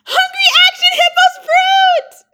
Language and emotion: English, happy